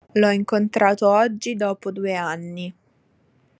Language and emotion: Italian, neutral